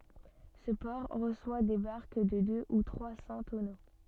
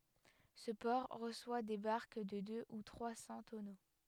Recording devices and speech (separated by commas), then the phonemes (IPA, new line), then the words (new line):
soft in-ear microphone, headset microphone, read sentence
sə pɔʁ ʁəswa de baʁk də dø u tʁwa sɑ̃ tɔno
Ce port reçoit des barques de deux ou trois cents tonneaux.